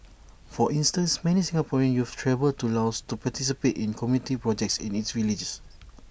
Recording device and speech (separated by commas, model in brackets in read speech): boundary microphone (BM630), read sentence